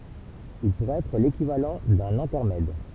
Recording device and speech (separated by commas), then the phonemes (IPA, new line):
temple vibration pickup, read sentence
il puʁɛt ɛtʁ lekivalɑ̃ dœ̃n ɛ̃tɛʁmɛd